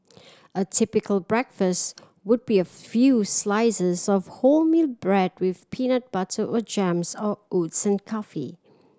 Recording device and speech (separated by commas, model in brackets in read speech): standing microphone (AKG C214), read sentence